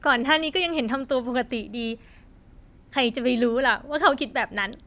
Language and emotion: Thai, happy